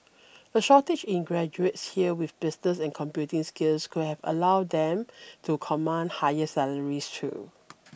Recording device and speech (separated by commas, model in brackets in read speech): boundary microphone (BM630), read sentence